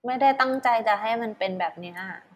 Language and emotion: Thai, frustrated